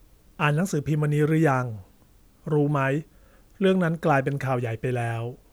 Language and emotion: Thai, neutral